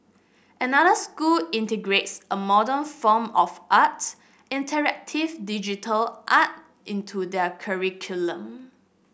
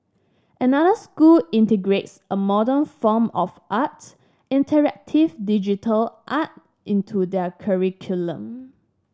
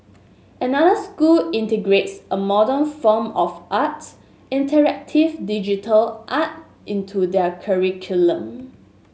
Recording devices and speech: boundary microphone (BM630), standing microphone (AKG C214), mobile phone (Samsung S8), read sentence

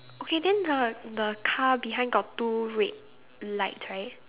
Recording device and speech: telephone, conversation in separate rooms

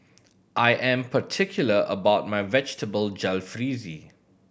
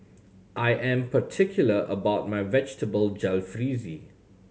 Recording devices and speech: boundary microphone (BM630), mobile phone (Samsung C7100), read sentence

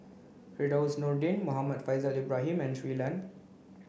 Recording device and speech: boundary microphone (BM630), read sentence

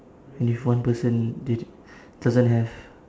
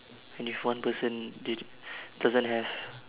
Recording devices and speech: standing microphone, telephone, conversation in separate rooms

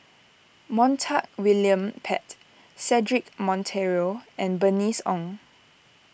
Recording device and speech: boundary microphone (BM630), read sentence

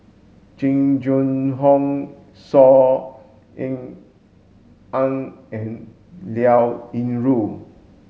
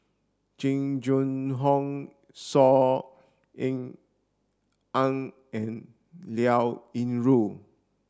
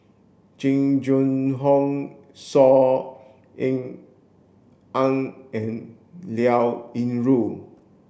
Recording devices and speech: mobile phone (Samsung S8), standing microphone (AKG C214), boundary microphone (BM630), read sentence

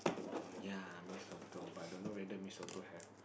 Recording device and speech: boundary microphone, conversation in the same room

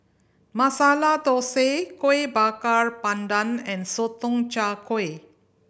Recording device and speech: boundary microphone (BM630), read sentence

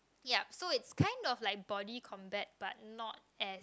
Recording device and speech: close-talking microphone, conversation in the same room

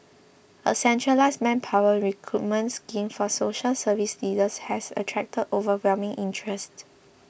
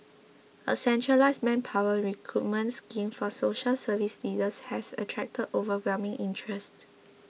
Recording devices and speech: boundary microphone (BM630), mobile phone (iPhone 6), read sentence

